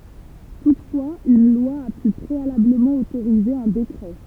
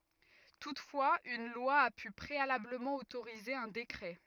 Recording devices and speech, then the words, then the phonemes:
temple vibration pickup, rigid in-ear microphone, read sentence
Toutefois, une loi a pu préalablement autoriser un décret.
tutfwaz yn lwa a py pʁealabləmɑ̃ otoʁize œ̃ dekʁɛ

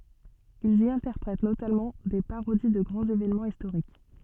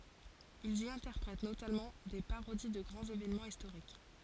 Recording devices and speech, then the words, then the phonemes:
soft in-ear microphone, forehead accelerometer, read sentence
Ils y interprètent notamment des parodies de grands événements historiques.
ilz i ɛ̃tɛʁpʁɛt notamɑ̃ de paʁodi də ɡʁɑ̃z evenmɑ̃z istoʁik

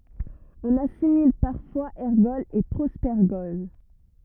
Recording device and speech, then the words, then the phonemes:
rigid in-ear microphone, read sentence
On assimile parfois ergols et propergols.
ɔ̃n asimil paʁfwaz ɛʁɡɔlz e pʁopɛʁɡɔl

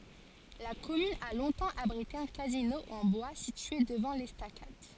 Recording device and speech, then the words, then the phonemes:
forehead accelerometer, read sentence
La commune a longtemps abrité un casino, en bois, situé devant l'estacade.
la kɔmyn a lɔ̃tɑ̃ abʁite œ̃ kazino ɑ̃ bwa sitye dəvɑ̃ lɛstakad

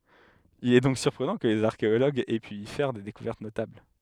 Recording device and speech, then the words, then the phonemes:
headset microphone, read sentence
Il est donc surprenant que les archéologues aient pu y faire des découvertes notables.
il ɛ dɔ̃k syʁpʁənɑ̃ kə lez aʁkeoloɡz ɛ py i fɛʁ de dekuvɛʁt notabl

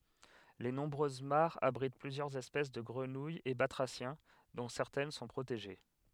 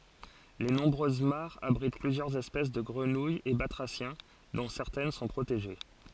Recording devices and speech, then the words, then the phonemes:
headset microphone, forehead accelerometer, read sentence
Les nombreuses mares abritent plusieurs espèces de grenouilles et batraciens, dont certaines sont protégées.
le nɔ̃bʁøz maʁz abʁit plyzjœʁz ɛspɛs də ɡʁənujz e batʁasjɛ̃ dɔ̃ sɛʁtɛn sɔ̃ pʁoteʒe

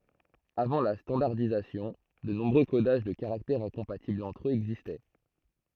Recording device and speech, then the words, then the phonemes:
throat microphone, read sentence
Avant la standardisation, de nombreux codages de caractères incompatibles entre eux existaient.
avɑ̃ la stɑ̃daʁdizasjɔ̃ də nɔ̃bʁø kodaʒ də kaʁaktɛʁz ɛ̃kɔ̃patiblz ɑ̃tʁ øz ɛɡzistɛ

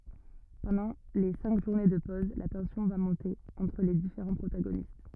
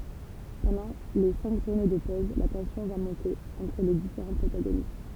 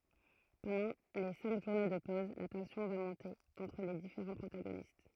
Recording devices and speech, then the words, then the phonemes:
rigid in-ear microphone, temple vibration pickup, throat microphone, read sentence
Pendant les cinq journées de pose, la tension va monter entre les différents protagonistes.
pɑ̃dɑ̃ le sɛ̃k ʒuʁne də pɔz la tɑ̃sjɔ̃ va mɔ̃te ɑ̃tʁ le difeʁɑ̃ pʁotaɡonist

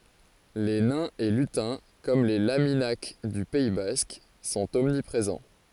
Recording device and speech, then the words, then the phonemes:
forehead accelerometer, read sentence
Les nains et lutins, comme les laminak du Pays basque, sont omniprésents.
le nɛ̃z e lytɛ̃ kɔm le laminak dy pɛi bask sɔ̃t ɔmnipʁezɑ̃

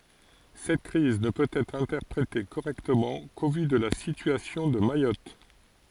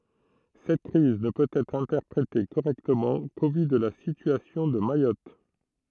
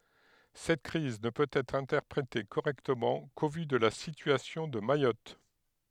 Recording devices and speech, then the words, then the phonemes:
forehead accelerometer, throat microphone, headset microphone, read sentence
Cette crise ne peut être interprétée correctement qu'au vu de la situation de Mayotte.
sɛt kʁiz nə pøt ɛtʁ ɛ̃tɛʁpʁete koʁɛktəmɑ̃ ko vy də la sityasjɔ̃ də majɔt

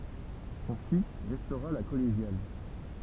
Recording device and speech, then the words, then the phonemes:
temple vibration pickup, read sentence
Son fils restaura la collégiale.
sɔ̃ fis ʁɛstoʁa la kɔleʒjal

